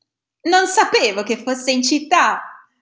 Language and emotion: Italian, angry